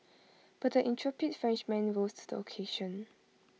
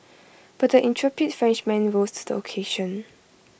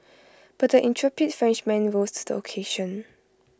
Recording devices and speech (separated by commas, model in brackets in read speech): mobile phone (iPhone 6), boundary microphone (BM630), close-talking microphone (WH20), read sentence